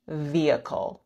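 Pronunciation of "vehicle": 'Vehicle' is said with no h sound at all. It has three syllables, and the stress is on the first one.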